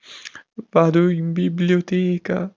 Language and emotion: Italian, sad